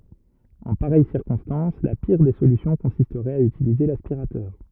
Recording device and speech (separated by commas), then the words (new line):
rigid in-ear microphone, read sentence
En pareille circonstance, la pire des solutions consisterait à utiliser l'aspirateur.